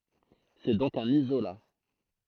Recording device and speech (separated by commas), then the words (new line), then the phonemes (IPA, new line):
throat microphone, read sentence
C'est donc un isolat.
sɛ dɔ̃k œ̃n izola